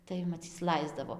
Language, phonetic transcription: Lithuanian, tai maˈcyc ˈlaisdavo

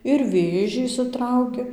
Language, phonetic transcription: Lithuanian, ir ˈvėžį išsiˈtrauki

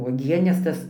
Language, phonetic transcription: Lithuanian, uoˈgienes ˈtas

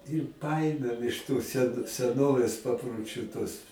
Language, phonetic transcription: Lithuanian, ir ˈpaėmėm iš tos sen seˈnovės paproˈčių tuos

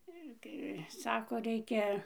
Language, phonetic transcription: Lithuanian, ˈir kai ˈsako ˈreikia

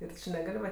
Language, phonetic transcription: Lithuanian, ir ˈči neˈgal' va

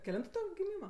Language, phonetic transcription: Lithuanian, keˈlintu ˈtu giˈmyma

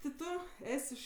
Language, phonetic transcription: Lithuanian, ti ˈtu ˈes' iš

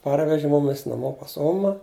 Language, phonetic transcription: Lithuanian, ˈparveži ˈmumis naˈmo pas ˈoma

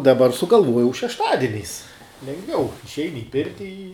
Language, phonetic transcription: Lithuanian, daˈbar sugalˈvuojau šešˈtadieniais lengˈviau išˈeini i ˈpirti i

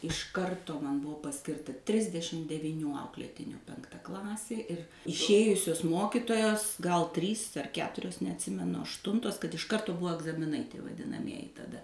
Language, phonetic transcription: Lithuanian, iš ˈkartu man ˈbuvo paˈskirta ˈtrisdešim deviˈnių ˈauklėtinių penkˈta ˈklasė ir išˈėjusius ˈmokitojos gal ˈtrys ar ˈketurios neatˈsimenu ašˈtuntos kad iš ˈkartu ˈbuvo agzamiˈnai vadinaˈmieji taˈda

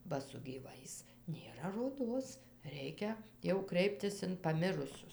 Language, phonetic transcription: Lithuanian, ba su gyˈvais nėˈra roˈdos ˈreikia jau ˈkreiptis in paˈmirusius

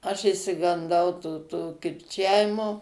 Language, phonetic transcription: Lithuanian, aš išsiganˈdau tų ˈtų kirˈčiavimo

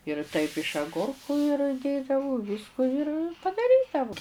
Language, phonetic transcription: Lithuanian, ir taip iš aˈgurku ir ˈdėdavu ˈvysku ir padaˈrydavu

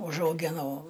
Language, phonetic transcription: Lithuanian, užauˈginau

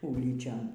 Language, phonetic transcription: Lithuanian, ˈūlyčion

